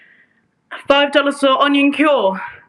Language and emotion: English, surprised